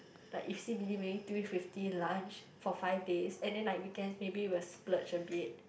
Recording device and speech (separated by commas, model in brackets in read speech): boundary microphone, conversation in the same room